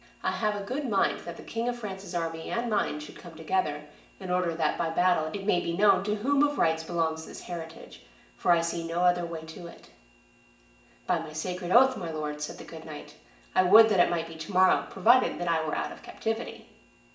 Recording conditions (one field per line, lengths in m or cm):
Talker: one person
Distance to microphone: 1.8 m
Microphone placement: close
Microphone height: 1.0 m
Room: large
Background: none